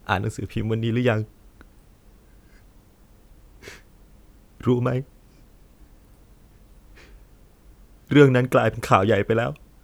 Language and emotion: Thai, sad